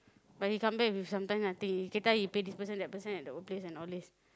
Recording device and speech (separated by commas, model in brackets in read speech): close-talking microphone, conversation in the same room